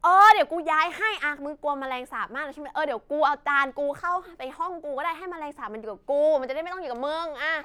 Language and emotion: Thai, frustrated